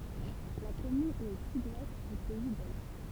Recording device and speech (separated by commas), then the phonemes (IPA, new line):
temple vibration pickup, read sentence
la kɔmyn ɛt o syd wɛst dy pɛi doʒ